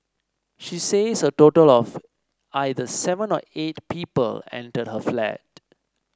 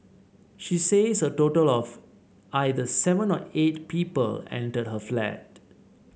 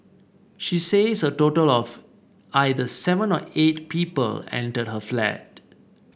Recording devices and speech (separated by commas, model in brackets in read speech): standing microphone (AKG C214), mobile phone (Samsung C7), boundary microphone (BM630), read sentence